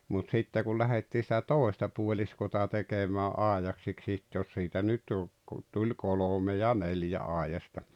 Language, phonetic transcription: Finnish, mut 'sitte kul 'lähettii sⁱtä "tòesta puoĺiskota 'tekemää "’áejaksiks sitte jos siitä nyt jo ‿k- , tuĺ 'kolome ja 'neljä 'àejasta .
- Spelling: mutta sitten kun lähdettiin sitä toista puoliskoa tekemään aidaksi sitten jos siitä nyt jo - tuli kolme ja neljä aidasta

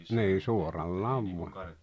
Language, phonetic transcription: Finnish, nii 'suorallaav 'vua .
- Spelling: niin suorallaan vain

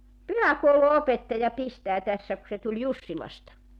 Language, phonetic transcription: Finnish, "pyhäkoulu₍'opettaja 'pistää tässä ku se tuĺ 'Jussilasta .
- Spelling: pyhäkoulunopettaja pistää tässä kun se tuli Jussilasta

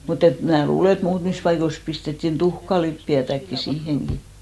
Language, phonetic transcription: Finnish, mut ‿et mnää "luule , et 'muutmis paikois 'pistettin "tuhkalippi₍ätäkki 'siiheŋɢi .
- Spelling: mutta että minä luulen että muutamissa paikoissa pistettiin tuhkalipeätäkin siihenkin

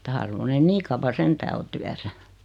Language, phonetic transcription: Finnish, (että) 'harvon ne "nii kavva 'sentää o tyäsä .
- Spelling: että harvoin ne niin kauan sentään on työssä

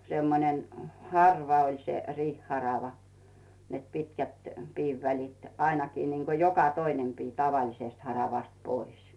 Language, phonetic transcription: Finnish, 'semmonen , "harva oĺ se 'riih'harava , net 'pitkät , 'piivvälit , 'ainakii niiŋko joka "toinem 'pii 'tavalisest haravast 'pois .
- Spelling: semmoinen harva oli se riihiharava että pitkät piivälit ainakin niin kuin joka toinen pii tavallisesta haravasta pois

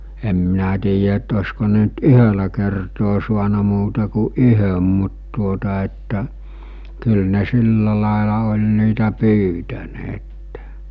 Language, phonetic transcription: Finnish, em minä tiijä ett ‿osko ne ‿nt "yhölä kertoo suana muuta ku "ˀyhöm mut tuota että , kyl ne 'silla làela oĺ niitä 'pyytäneettᴇ .
- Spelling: en minä tiedä että olisiko ne nyt yhdellä kertaa saanut muuta kuin yhden mutta tuota että kyllä ne sillä lailla oli niitä pyytäneet

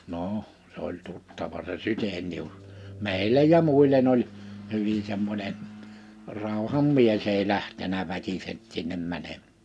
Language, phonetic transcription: Finnish, noʰ , s ‿oĺ 'tuttava se 'Sytenius , "mèillej ja 'muil̀en ‿oĺ , 'hyvi semmońen , 'ràuham "mies ‿ei 'lähtenä 'väkiseɴ , sinnem 'mäneᴍ[ään] .
- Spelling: no se oli tuttava se Chydenius meille ja muille oli hyvin semmoinen rauhan mies ei lähtenyt väkisin sinne menemään

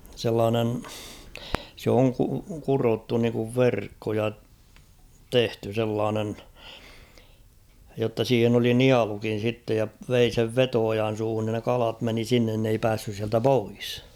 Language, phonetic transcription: Finnish, sellaanen , sᵉ ‿oŋ ku- 'kurottu niŋkuv "verkko ja , 'tehty sellaanen , jotta 'siihen ‿oli "nialukin̬ sittej ja , 'vei sev "veto₍ojan̬ 'suuhun nin ne 'kalat meni 'sinnen n ‿ei 'päässys siältä "pois .
- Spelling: sellainen se on - kudottu niin kuin verkko ja tehty sellainen jotta siihen oli nielukin sitten ja vei sen veto-ojan suuhun niin ne kalat meni sinne ne ei päässyt sieltä pois

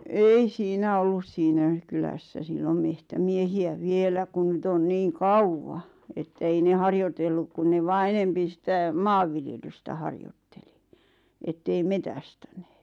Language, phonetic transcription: Finnish, ei 'siinä ollus 'siinä , kylässä 'sillom "mehtämiehi₍ä 'vielä kun 'nyt ‿on 'niiŋ "kauwwa , ettᵃ̈ ei 'ne "harjotelluk kun ne 'vaa "enempi sⁱtä , "maavviljelystä 'harjotteli , ettei 'metästänᴇᴇt .
- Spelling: ei siinä ollut siinä kylässä silloin metsämiehiä vielä kun nyt on niin kauan että ei ne harjoitellut kun ne vain enempi sitä maanviljelystä harjoitteli että ei metsästänyt

